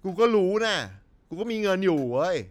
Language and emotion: Thai, frustrated